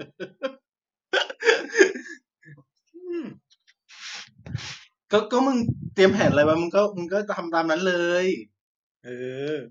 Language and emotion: Thai, happy